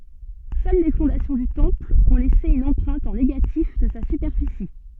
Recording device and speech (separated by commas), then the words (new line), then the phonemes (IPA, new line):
soft in-ear microphone, read sentence
Seules les fondations du temple ont laissé une empreinte en négatif de sa superficie.
sœl le fɔ̃dasjɔ̃ dy tɑ̃pl ɔ̃ lɛse yn ɑ̃pʁɛ̃t ɑ̃ neɡatif də sa sypɛʁfisi